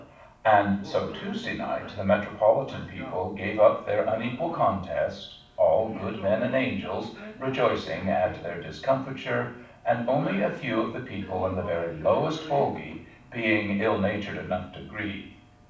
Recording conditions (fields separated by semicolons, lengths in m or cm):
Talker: one person; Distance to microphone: 5.8 m; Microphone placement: far; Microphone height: 1.8 m; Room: medium-sized (5.7 m by 4.0 m); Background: television